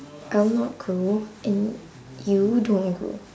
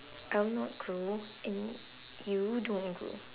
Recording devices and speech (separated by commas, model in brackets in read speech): standing microphone, telephone, conversation in separate rooms